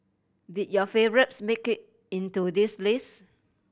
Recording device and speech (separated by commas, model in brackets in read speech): boundary microphone (BM630), read sentence